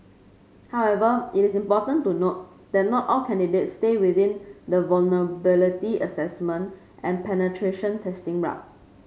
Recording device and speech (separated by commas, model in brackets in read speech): mobile phone (Samsung C5), read sentence